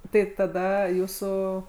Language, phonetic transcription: Lithuanian, ˈtai taˈda ˈjūsų

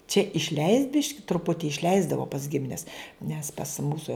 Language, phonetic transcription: Lithuanian, čia išˈleist' ˈbiški truˈputi išˈleisdavo pas ˈgimines nes pas ˈmūso

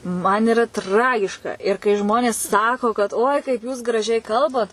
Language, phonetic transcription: Lithuanian, man iˈra ˈtragiška ir kai ˈžmonės ˈsako kad oi kaip jūs graˈžiai ˈkalbat

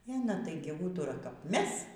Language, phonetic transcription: Lithuanian, e aˈna ˈtaigi ˈūtura kap ˈmes

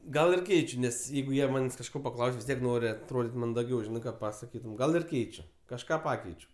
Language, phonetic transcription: Lithuanian, ˈgal ir ˈkeičiu ˈnes ˈjeigu ˈjie ˈmanės' kažˈko paˈklaus' vis ˈtiek ˈnori atroˈdyt' mandaˈgiau ˈžinai ˈką pasaˈkytum ˈgal irˈkeičiu kažˈką ˈpakeičiu

